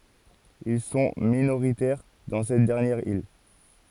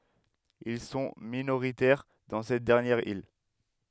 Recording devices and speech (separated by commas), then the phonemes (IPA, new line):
forehead accelerometer, headset microphone, read sentence
il sɔ̃ minoʁitɛʁ dɑ̃ sɛt dɛʁnjɛʁ il